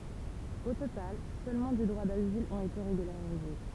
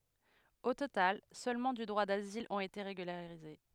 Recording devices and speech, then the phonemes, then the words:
temple vibration pickup, headset microphone, read sentence
o total sølmɑ̃ dy dʁwa dazil ɔ̃t ete ʁeɡylaʁize
Au total, seulement du droit d'asile ont été régularisés.

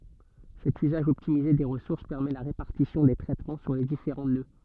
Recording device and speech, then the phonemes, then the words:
soft in-ear microphone, read sentence
sɛt yzaʒ ɔptimize de ʁəsuʁs pɛʁmɛ la ʁepaʁtisjɔ̃ de tʁɛtmɑ̃ syʁ le difeʁɑ̃ nø
Cet usage optimisé des ressources permet la répartition des traitements sur les différents nœuds.

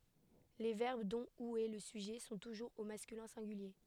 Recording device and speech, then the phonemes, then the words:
headset microphone, read sentence
le vɛʁb dɔ̃ u ɛ lə syʒɛ sɔ̃ tuʒuʁz o maskylɛ̃ sɛ̃ɡylje
Les verbes dont ou est le sujet sont toujours au masculin singulier.

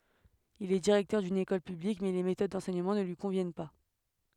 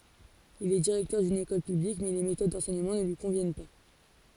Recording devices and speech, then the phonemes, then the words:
headset microphone, forehead accelerometer, read sentence
il ɛ diʁɛktœʁ dyn ekɔl pyblik mɛ le metod dɑ̃sɛɲəmɑ̃ nə lyi kɔ̃vjɛn pa
Il est directeur d'une école publique mais les méthodes d'enseignement ne lui conviennent pas.

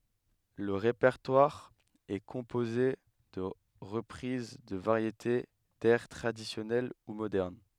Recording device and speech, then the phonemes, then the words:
headset microphone, read sentence
lə ʁepɛʁtwaʁ ɛ kɔ̃poze də ʁəpʁiz də vaʁjete dɛʁ tʁadisjɔnɛl u modɛʁn
Le répertoire est composé de reprises de variétés, d'airs traditionnels ou modernes.

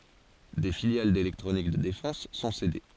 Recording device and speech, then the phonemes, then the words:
forehead accelerometer, read sentence
de filjal delɛktʁonik də defɑ̃s sɔ̃ sede
Des filiales d’électronique de défense sont cédées.

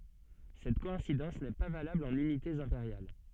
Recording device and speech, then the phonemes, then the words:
soft in-ear microphone, read sentence
sɛt kɔɛ̃sidɑ̃s nɛ pa valabl ɑ̃n ynitez ɛ̃peʁjal
Cette coïncidence n'est pas valable en unités impériales.

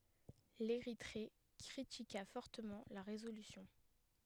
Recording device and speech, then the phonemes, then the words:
headset microphone, read sentence
leʁitʁe kʁitika fɔʁtəmɑ̃ la ʁezolysjɔ̃
L'Érythrée critiqua fortement la résolution.

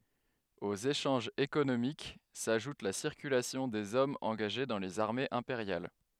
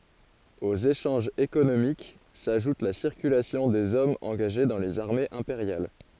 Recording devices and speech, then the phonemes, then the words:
headset microphone, forehead accelerometer, read sentence
oz eʃɑ̃ʒz ekonomik saʒut la siʁkylasjɔ̃ dez ɔmz ɑ̃ɡaʒe dɑ̃ lez aʁmez ɛ̃peʁjal
Aux échanges économiques s'ajoute la circulation des hommes engagés dans les armées impériales.

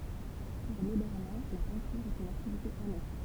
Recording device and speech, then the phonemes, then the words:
temple vibration pickup, read sentence
puʁ lə bɛʁnɛ̃ la pɛ̃tyʁ ɛt yn aktivite anɛks
Pour Le Bernin, la peinture est une activité annexe.

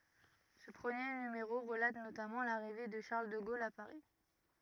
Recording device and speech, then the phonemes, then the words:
rigid in-ear microphone, read sentence
sə pʁəmje nymeʁo ʁəlat notamɑ̃ laʁive də ʃaʁl də ɡol a paʁi
Ce premier numéro relate notamment l’arrivée de Charles de Gaulle à Paris.

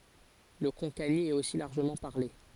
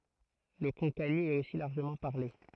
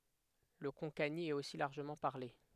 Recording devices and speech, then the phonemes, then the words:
forehead accelerometer, throat microphone, headset microphone, read sentence
lə kɔ̃kani ɛt osi laʁʒəmɑ̃ paʁle
Le konkani est aussi largement parlé.

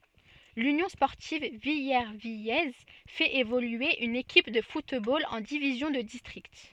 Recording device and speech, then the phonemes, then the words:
soft in-ear microphone, read sentence
lynjɔ̃ spɔʁtiv vilɛʁvijɛz fɛt evolye yn ekip də futbol ɑ̃ divizjɔ̃ də distʁikt
L'Union sportive villervillaise fait évoluer une équipe de football en division de district.

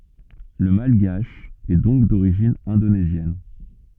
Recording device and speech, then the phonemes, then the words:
soft in-ear microphone, read sentence
lə malɡaʃ ɛ dɔ̃k doʁiʒin ɛ̃donezjɛn
Le malgache est donc d'origine indonésienne.

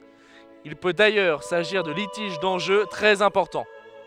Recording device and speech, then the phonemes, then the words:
headset microphone, read sentence
il pø dajœʁ saʒiʁ də litiʒ dɑ̃ʒø tʁɛz ɛ̃pɔʁtɑ̃
Il peut d'ailleurs s'agir de litiges d'enjeux très importants.

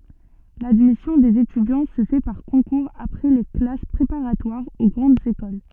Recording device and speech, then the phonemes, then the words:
soft in-ear microphone, read sentence
ladmisjɔ̃ dez etydjɑ̃ sə fɛ paʁ kɔ̃kuʁz apʁɛ le klas pʁepaʁatwaʁz o ɡʁɑ̃dz ekol
L’admission des étudiants se fait par concours après les classes préparatoires aux grandes écoles.

